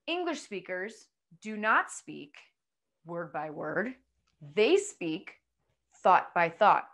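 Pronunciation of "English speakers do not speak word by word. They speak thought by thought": The sentence is spoken in groups of words, with exaggerated pauses between them.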